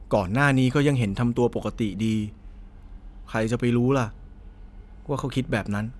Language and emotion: Thai, sad